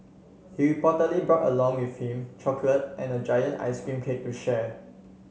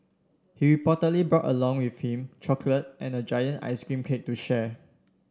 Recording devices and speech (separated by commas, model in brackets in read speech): mobile phone (Samsung C7), standing microphone (AKG C214), read sentence